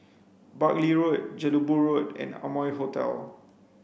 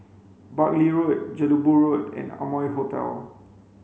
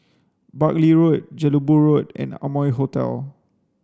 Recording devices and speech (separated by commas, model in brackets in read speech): boundary microphone (BM630), mobile phone (Samsung C5), standing microphone (AKG C214), read sentence